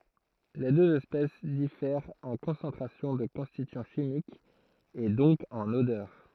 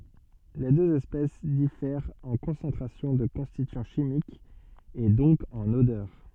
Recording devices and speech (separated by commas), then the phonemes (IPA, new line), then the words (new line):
throat microphone, soft in-ear microphone, read sentence
le døz ɛspɛs difɛʁt ɑ̃ kɔ̃sɑ̃tʁasjɔ̃ də kɔ̃stityɑ̃ ʃimikz e dɔ̃k ɑ̃n odœʁ
Les deux espèces diffèrent en concentration de constituants chimiques et donc en odeur.